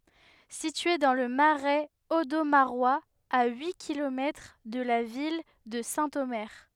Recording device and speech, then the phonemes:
headset microphone, read sentence
sitye dɑ̃ lə maʁɛz odomaʁwaz a yi kilomɛtʁ də la vil də sɛ̃tome

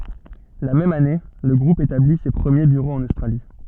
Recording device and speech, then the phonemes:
soft in-ear microphone, read sentence
la mɛm ane lə ɡʁup etabli se pʁəmje byʁoz ɑ̃n ostʁali

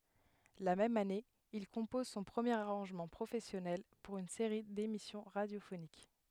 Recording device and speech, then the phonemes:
headset microphone, read sentence
la mɛm ane il kɔ̃pɔz sɔ̃ pʁəmjeʁ aʁɑ̃ʒmɑ̃ pʁofɛsjɔnɛl puʁ yn seʁi demisjɔ̃ ʁadjofonik

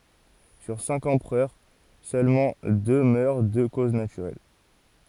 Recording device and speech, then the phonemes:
forehead accelerometer, read sentence
syʁ sɛ̃k ɑ̃pʁœʁ sølmɑ̃ dø mœʁ də koz natyʁɛl

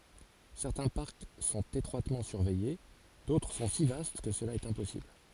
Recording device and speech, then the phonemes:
forehead accelerometer, read sentence
sɛʁtɛ̃ paʁk sɔ̃t etʁwatmɑ̃ syʁvɛje dotʁ sɔ̃ si vast kə səla ɛt ɛ̃pɔsibl

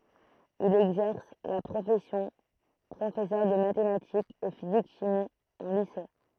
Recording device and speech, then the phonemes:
throat microphone, read sentence
il ɛɡzɛʁs la pʁofɛsjɔ̃ pʁofɛsœʁ də matematikz e fizik ʃimi ɑ̃ lise

